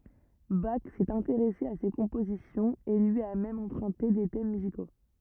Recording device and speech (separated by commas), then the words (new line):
rigid in-ear microphone, read sentence
Bach s'est intéressé à ses compositions, et lui a même emprunté des thèmes musicaux.